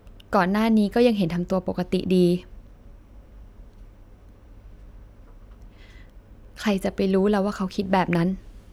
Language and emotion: Thai, sad